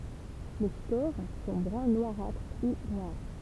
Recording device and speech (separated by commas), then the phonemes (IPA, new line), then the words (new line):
temple vibration pickup, read sentence
le spoʁ sɔ̃ bʁœ̃ nwaʁatʁ u nwaʁ
Les spores sont brun noirâtre ou noires.